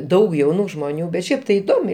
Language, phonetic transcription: Lithuanian, ˈdaug jauˈnų žmoˈnių bet ˈšiaip tai iˈdomiai

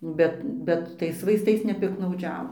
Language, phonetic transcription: Lithuanian, ˈbet ˈbet ˈtais vaisˈtais nepiktnauˈdžiavo

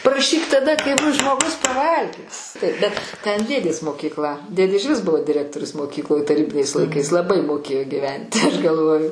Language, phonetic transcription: Lithuanian, praˈšyk taˈda kai ˈbus žmoˈgus paˈvalgęs bet ten ˈdėdės mokykˈla ˈdėdė ižˈvis ˈbuvo diˈrektorius moˈkykloj taˈrybiniais laiˈkais laˈbai moˈkėjo giˈventi aš galˈvoju

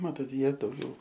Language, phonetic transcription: Lithuanian, ˈmatot ˈjie dauˈgiau

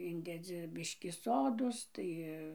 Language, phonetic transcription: Lithuanian, ˈindedzi ˈbiškį ˈsodos ˈtai

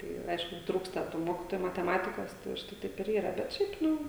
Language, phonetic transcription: Lithuanian, ˈtai ˈaišku ˈtrūksta tų ˈmokitoju mateˈmatikos tai užˈtai ˈtaip ir ˈyra bet ˈšiaip ˈnu

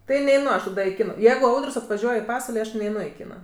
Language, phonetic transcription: Lithuanian, ˈtai neiˈnu aš taˈda i ˈkina ˈjeigu ˈaudər's' atvaˈžiuoj i ˈpasval' neiˈnu aš i ˈkina

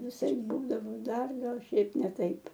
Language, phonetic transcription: Lithuanian, viˈsaip ˈbūdavo ˈdar ˈgal ˈšiaip ˈne ˈtaip

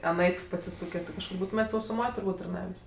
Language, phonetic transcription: Lithuanian, aˈnaip pasiˈsūkė kažˈkur ˈbūtumėt' sausuˈmoj turˈbūt' tarˈnavės'

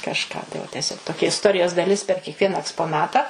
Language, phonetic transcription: Lithuanian, kažˈką tai ˈva teˈsiog toˈkia isˈtorijos daˈlis per kiekˈviena ekspoˈnata

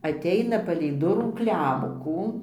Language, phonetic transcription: Lithuanian, atˈeina palei ˈdurų ˈklemkų

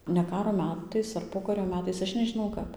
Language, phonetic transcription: Lithuanian, ne ˈkaro ˈmetais ar ˈpokario ˈmetais ˈaš nežiˈnau ˈkap

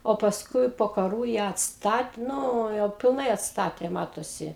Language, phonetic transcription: Lithuanian, o pasˈkui po kaˈrų ją atsˈtat ˈnu jau pilˈnai atˈstatė ˈmatosi

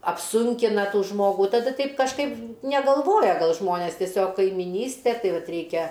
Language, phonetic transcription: Lithuanian, apˈsunkina ˈtų ˈžmogų taˈda ˈteip kažˈkaip negalˈvoja ˈgal ˈžmonės tieˈsiog kaimiˈnyste ˈtai ˈvat ˈreikia

